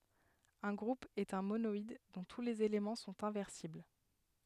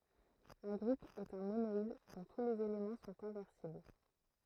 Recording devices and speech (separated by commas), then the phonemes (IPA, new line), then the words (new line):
headset microphone, throat microphone, read sentence
œ̃ ɡʁup ɛt œ̃ monɔid dɔ̃ tu lez elemɑ̃ sɔ̃t ɛ̃vɛʁsibl
Un groupe est un monoïde dont tous les éléments sont inversibles.